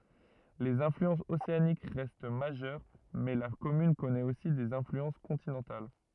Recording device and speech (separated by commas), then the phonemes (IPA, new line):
rigid in-ear microphone, read sentence
lez ɛ̃flyɑ̃sz oseanik ʁɛst maʒœʁ mɛ la kɔmyn kɔnɛt osi dez ɛ̃flyɑ̃s kɔ̃tinɑ̃tal